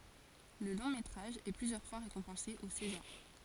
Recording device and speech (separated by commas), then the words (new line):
forehead accelerometer, read sentence
Le long-métrage est plusieurs fois récompensé aux Césars.